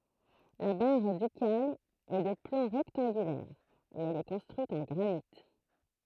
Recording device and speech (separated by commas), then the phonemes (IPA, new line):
throat microphone, read sentence
la baʁ dykal ɛ də plɑ̃ ʁɛktɑ̃ɡylɛʁ e ɛl ɛ kɔ̃stʁyit ɑ̃ ɡʁanit